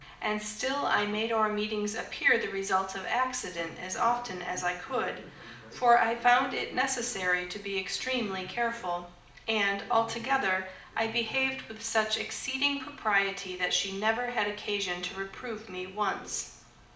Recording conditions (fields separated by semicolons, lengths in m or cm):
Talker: one person; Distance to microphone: 2.0 m; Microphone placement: close; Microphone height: 99 cm; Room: medium-sized (5.7 m by 4.0 m); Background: television